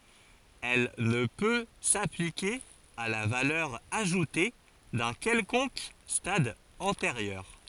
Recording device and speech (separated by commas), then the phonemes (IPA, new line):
forehead accelerometer, read sentence
ɛl nə pø saplike a la valœʁ aʒute dœ̃ kɛlkɔ̃k stad ɑ̃teʁjœʁ